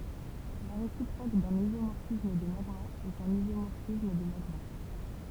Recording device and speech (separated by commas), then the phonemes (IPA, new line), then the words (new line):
temple vibration pickup, read sentence
la ʁesipʁok dœ̃n izomɔʁfism də maɡmaz ɛt œ̃n izomɔʁfism də maɡma
La réciproque d'un isomorphisme de magmas est un isomorphisme de magmas.